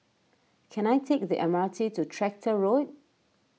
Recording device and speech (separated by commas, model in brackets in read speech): mobile phone (iPhone 6), read sentence